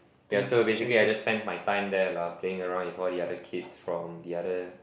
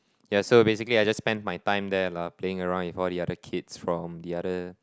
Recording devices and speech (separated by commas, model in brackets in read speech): boundary microphone, close-talking microphone, conversation in the same room